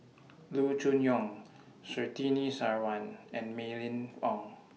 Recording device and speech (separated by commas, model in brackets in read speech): mobile phone (iPhone 6), read sentence